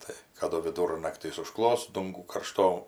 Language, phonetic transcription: Lithuanian, ˈtai kaˈdu viˈdurnaktys uˈžklos ˈdungų karˈšto

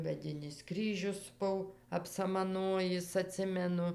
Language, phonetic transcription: Lithuanian, meˈdinis ˈkryžius ˈbuv apsamaˈnojis aˈtsimenu

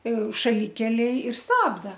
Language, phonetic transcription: Lithuanian, šaˈlikelėj ir ˈstabda

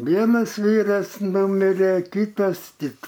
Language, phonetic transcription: Lithuanian, ˈvienas ˈvyras ˈnumire ˈkytas ˈtik

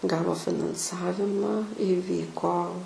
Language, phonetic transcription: Lithuanian, ˈgavo finanˈsavima iˈvyko

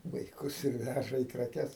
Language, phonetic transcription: Lithuanian, vaiˈkus ir ˈvæža į kraˈkes

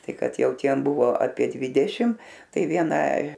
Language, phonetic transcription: Lithuanian, ˈtai ˈkad ˈjau ˈtiem ˈbuvo apie ˈdvidešim ˈtai ˈviena

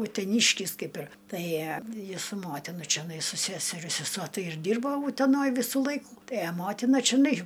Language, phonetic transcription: Lithuanian, uteˈnyškis ˈkaip ir ˈtai ˈjis su ˈmotina čeˈnai su ˈseseria seˈsuo ˈtai ir ˈdyrbo uteˈnoj ˈvysu ˈlaiku ˈtai a ˈmotina čiˈnai

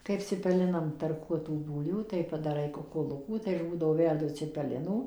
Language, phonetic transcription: Lithuanian, ˈkaip cipeˈlinam tarˈkuotų ˈbūlvių ˌtai padaˈrai kukuˈlukų tai aš ˈbūdavo ˈverdu cipeˈlinų

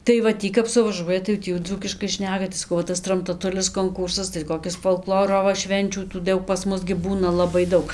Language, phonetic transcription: Lithuanian, tai va ˈtį kap suvaˈžuoja tai jau ˈtį jau ˈdzūkiškai ˈšneka tai saˈkau va ˈtas tramtaˈtulis konˈkūrsas tai koˈkis folˈkloro va ˈšvenčių tų ˈdaug pas ˈmus gi ˈbūna ˌlabai ˈdaug

